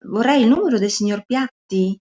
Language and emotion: Italian, angry